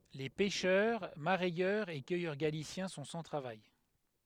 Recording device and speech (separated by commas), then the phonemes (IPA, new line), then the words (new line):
headset microphone, read sentence
le pɛʃœʁ maʁɛjœʁz e kœjœʁ ɡalisjɛ̃ sɔ̃ sɑ̃ tʁavaj
Les pêcheurs, mareyeurs et cueilleurs galiciens sont sans travail.